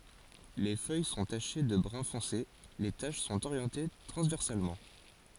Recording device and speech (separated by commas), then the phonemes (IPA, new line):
forehead accelerometer, read sentence
le fœj sɔ̃ taʃe də bʁœ̃ fɔ̃se le taʃ sɔ̃t oʁjɑ̃te tʁɑ̃zvɛʁsalmɑ̃